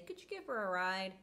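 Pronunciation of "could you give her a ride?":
In 'could you give her a ride', the h sound of 'her' is dropped, and 'her' is not stressed.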